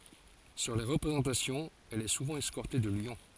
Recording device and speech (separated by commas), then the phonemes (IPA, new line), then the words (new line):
forehead accelerometer, read sentence
syʁ le ʁəpʁezɑ̃tasjɔ̃z ɛl ɛ suvɑ̃ ɛskɔʁte də ljɔ̃
Sur les représentations, elle est souvent escortée de lions.